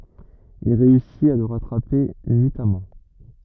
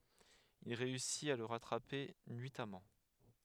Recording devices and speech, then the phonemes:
rigid in-ear microphone, headset microphone, read sentence
il ʁeysit a lə ʁatʁape nyitamɑ̃

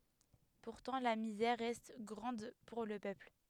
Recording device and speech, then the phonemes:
headset microphone, read sentence
puʁtɑ̃ la mizɛʁ ʁɛst ɡʁɑ̃d puʁ lə pøpl

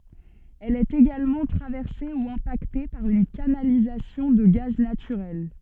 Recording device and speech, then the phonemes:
soft in-ear microphone, read sentence
ɛl ɛt eɡalmɑ̃ tʁavɛʁse u ɛ̃pakte paʁ yn kanalizasjɔ̃ də ɡaz natyʁɛl

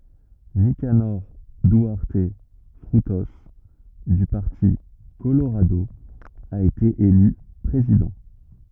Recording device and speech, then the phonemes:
rigid in-ear microphone, read sentence
nikanɔʁ dyaʁt fʁyto dy paʁti koloʁado a ete ely pʁezidɑ̃

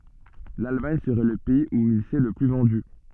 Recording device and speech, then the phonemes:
soft in-ear microphone, read sentence
lalmaɲ səʁɛ lə pɛiz u il sɛ lə ply vɑ̃dy

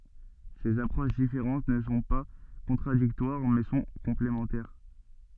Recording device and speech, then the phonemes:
soft in-ear microphone, read sentence
sez apʁoʃ difeʁɑ̃t nə sɔ̃ pa kɔ̃tʁadiktwaʁ mɛ sɔ̃ kɔ̃plemɑ̃tɛʁ

